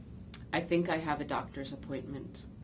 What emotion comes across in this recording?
neutral